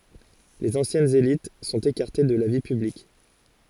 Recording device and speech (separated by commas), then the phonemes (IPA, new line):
forehead accelerometer, read sentence
lez ɑ̃sjɛnz elit sɔ̃t ekaʁte də la vi pyblik